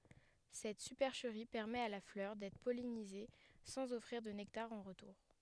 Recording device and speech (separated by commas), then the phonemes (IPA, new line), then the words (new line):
headset microphone, read sentence
sɛt sypɛʁʃəʁi pɛʁmɛt a la flœʁ dɛtʁ pɔlinize sɑ̃z ɔfʁiʁ də nɛktaʁ ɑ̃ ʁətuʁ
Cette supercherie permet à la fleur d'être pollinisée sans offrir de nectar en retour.